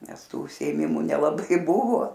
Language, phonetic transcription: Lithuanian, ˈnes ˈtų užsiėˈmimu nelaˈbai ˈbuvo

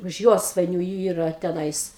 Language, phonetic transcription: Lithuanian, už ˈjosvainių ˈyra teˈnais

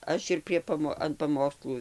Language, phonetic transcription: Lithuanian, ˈaš ir prie paˈmo an paˈmokslų

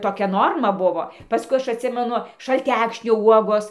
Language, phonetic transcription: Lithuanian, toˈkia ˈnorma ˈbuvo paˈskui ˈaš atˈsimenu šalˈtækšnio ˈuogos

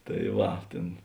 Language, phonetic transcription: Lithuanian, ta ˈva ˈtėn

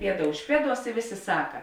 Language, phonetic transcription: Lithuanian, ˈpieda už ˈpieˌduos i ˈvėˌsė ˈsaka

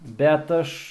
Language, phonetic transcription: Lithuanian, ˈbet aš

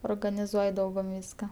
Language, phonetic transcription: Lithuanian, organiˈzuoj ˈdaugum ˈvyska

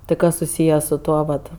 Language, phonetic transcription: Lithuanian, ˈtai ˈkas suˈsyje su ˈtuo vat

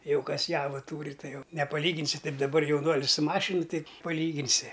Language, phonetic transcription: Lithuanian, ˈjau ˈkas ˈjava ˈtūri ˈtai ˈjau nepaˈlyginsi ˈtaip daˈbar jauˈnuolis su ˈmašinu ˈtai paˈlyginsi

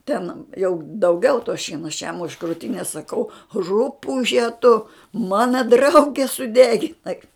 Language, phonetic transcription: Lithuanian, ten jau dauˈgiau to ˈšieno aš jam už krūˈtinės saˈkau ˈrupuže tu ˈmana ˈdrauge suˈdeginai

